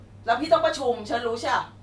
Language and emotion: Thai, angry